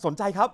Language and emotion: Thai, happy